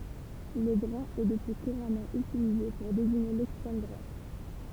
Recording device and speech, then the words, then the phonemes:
temple vibration pickup, read sentence
Le brun est depuis couramment utilisé pour désigner l'extrême droite.
lə bʁœ̃ ɛ dəpyi kuʁamɑ̃ ytilize puʁ deziɲe lɛkstʁɛm dʁwat

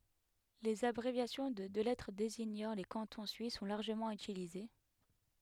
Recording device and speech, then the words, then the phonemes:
headset microphone, read sentence
Les abréviations de deux lettres désignant les cantons suisses sont largement utilisées.
lez abʁevjasjɔ̃ də dø lɛtʁ deziɲɑ̃ le kɑ̃tɔ̃ syis sɔ̃ laʁʒəmɑ̃ ytilize

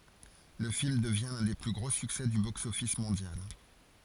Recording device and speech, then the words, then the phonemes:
forehead accelerometer, read sentence
Le film devient l'un des plus gros succès du box-office mondial.
lə film dəvjɛ̃ lœ̃ de ply ɡʁo syksɛ dy boksɔfis mɔ̃djal

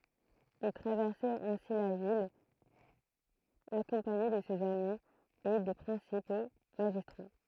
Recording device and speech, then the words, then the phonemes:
throat microphone, read sentence
Il traversait ainsi la ville, accompagné de ses amis et des principaux magistrats.
il tʁavɛʁsɛt ɛ̃si la vil akɔ̃paɲe də sez ami e de pʁɛ̃sipo maʒistʁa

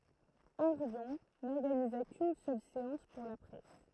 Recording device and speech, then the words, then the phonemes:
throat microphone, read sentence
Orion n'organisa qu'une seule séance pour la presse.
oʁjɔ̃ nɔʁɡaniza kyn sœl seɑ̃s puʁ la pʁɛs

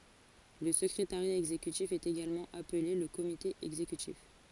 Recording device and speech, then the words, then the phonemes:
forehead accelerometer, read sentence
Le secrétariat exécutif est également appelé le Comité exécutif.
lə səkʁetaʁja ɛɡzekytif ɛt eɡalmɑ̃ aple lə komite ɛɡzekytif

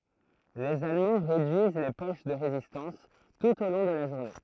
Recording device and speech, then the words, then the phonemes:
throat microphone, read sentence
Les Allemands réduisent les poches de résistance, tout au long de la journée.
lez almɑ̃ ʁedyiz le poʃ də ʁezistɑ̃s tut o lɔ̃ də la ʒuʁne

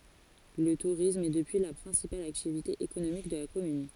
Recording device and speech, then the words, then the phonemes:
forehead accelerometer, read sentence
Le tourisme est depuis la principale activité économique de la commune.
lə tuʁism ɛ dəpyi la pʁɛ̃sipal aktivite ekonomik də la kɔmyn

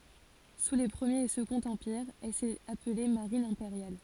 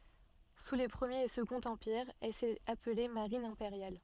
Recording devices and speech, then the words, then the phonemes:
forehead accelerometer, soft in-ear microphone, read sentence
Sous les Premier et Second Empires, elle s'est appelée Marine impériale.
su le pʁəmjeʁ e səɡɔ̃t ɑ̃piʁz ɛl sɛt aple maʁin ɛ̃peʁjal

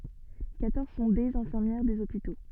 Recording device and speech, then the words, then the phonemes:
soft in-ear microphone, read sentence
Quatorze sont des infirmières des hôpitaux.
kwatɔʁz sɔ̃ dez ɛ̃fiʁmjɛʁ dez opito

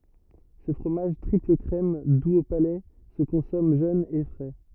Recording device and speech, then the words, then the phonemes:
rigid in-ear microphone, read sentence
Ce fromage triple-crème, doux au palais, se consomme jeune et frais.
sə fʁomaʒ tʁipləkʁɛm duz o palɛ sə kɔ̃sɔm ʒøn e fʁɛ

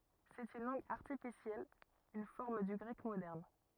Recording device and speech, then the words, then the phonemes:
rigid in-ear microphone, read sentence
C'est une langue artificielle, une forme du grec moderne.
sɛt yn lɑ̃ɡ aʁtifisjɛl yn fɔʁm dy ɡʁɛk modɛʁn

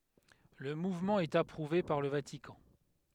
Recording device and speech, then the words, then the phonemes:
headset microphone, read sentence
Le mouvement est approuvé par le Vatican.
lə muvmɑ̃ ɛt apʁuve paʁ lə vatikɑ̃

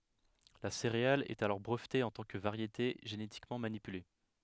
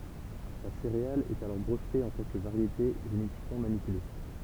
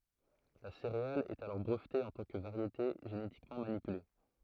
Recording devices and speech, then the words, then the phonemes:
headset microphone, temple vibration pickup, throat microphone, read sentence
La céréale est alors brevetée en tant que variété génétiquement manipulée.
la seʁeal ɛt alɔʁ bʁəvte ɑ̃ tɑ̃ kə vaʁjete ʒenetikmɑ̃ manipyle

